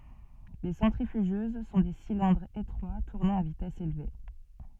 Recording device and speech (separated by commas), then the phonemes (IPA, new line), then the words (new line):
soft in-ear microphone, read sentence
le sɑ̃tʁifyʒøz sɔ̃ de silɛ̃dʁz etʁwa tuʁnɑ̃ a vitɛs elve
Les centrifugeuses sont des cylindres étroits tournant à vitesse élevée.